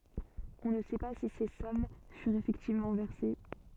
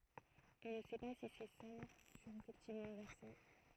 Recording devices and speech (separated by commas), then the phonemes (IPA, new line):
soft in-ear microphone, throat microphone, read sentence
ɔ̃ nə sɛ pa si se sɔm fyʁt efɛktivmɑ̃ vɛʁse